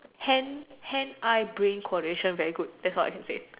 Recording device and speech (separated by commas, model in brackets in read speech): telephone, conversation in separate rooms